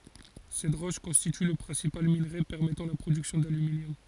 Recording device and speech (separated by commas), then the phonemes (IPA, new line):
forehead accelerometer, read sentence
sɛt ʁɔʃ kɔ̃stity lə pʁɛ̃sipal minʁe pɛʁmɛtɑ̃ la pʁodyksjɔ̃ dalyminjɔm